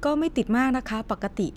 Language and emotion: Thai, neutral